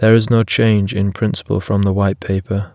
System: none